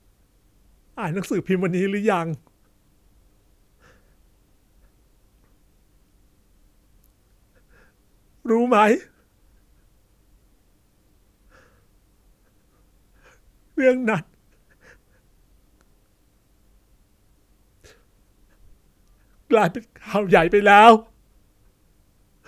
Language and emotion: Thai, sad